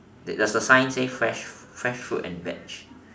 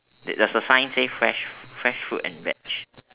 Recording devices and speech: standing microphone, telephone, conversation in separate rooms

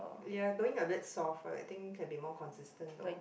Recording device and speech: boundary microphone, conversation in the same room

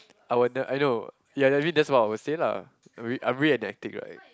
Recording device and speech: close-talking microphone, conversation in the same room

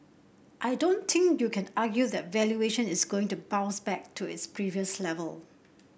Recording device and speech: boundary microphone (BM630), read sentence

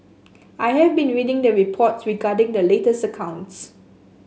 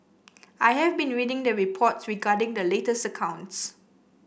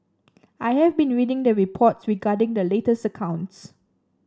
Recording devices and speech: mobile phone (Samsung S8), boundary microphone (BM630), standing microphone (AKG C214), read sentence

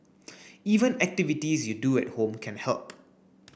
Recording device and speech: boundary microphone (BM630), read sentence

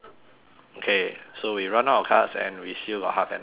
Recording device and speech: telephone, conversation in separate rooms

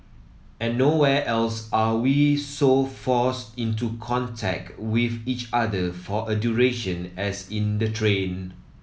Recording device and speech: mobile phone (iPhone 7), read sentence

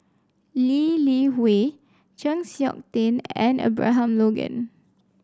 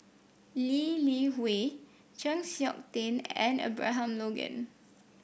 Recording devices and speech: standing microphone (AKG C214), boundary microphone (BM630), read sentence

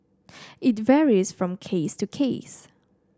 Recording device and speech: standing microphone (AKG C214), read sentence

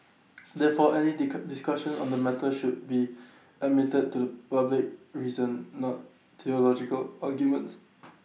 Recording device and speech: mobile phone (iPhone 6), read sentence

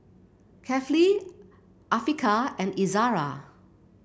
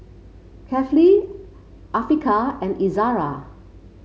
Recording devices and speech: boundary microphone (BM630), mobile phone (Samsung C5), read sentence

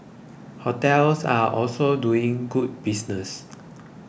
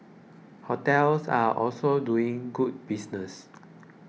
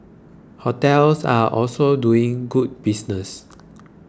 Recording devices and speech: boundary microphone (BM630), mobile phone (iPhone 6), close-talking microphone (WH20), read sentence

